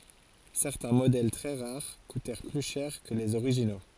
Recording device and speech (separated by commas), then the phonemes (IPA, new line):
forehead accelerometer, read sentence
sɛʁtɛ̃ modɛl tʁɛ ʁaʁ kutɛʁ ply ʃɛʁ kə lez oʁiʒino